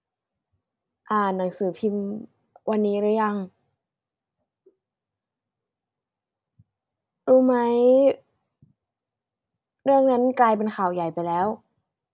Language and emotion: Thai, neutral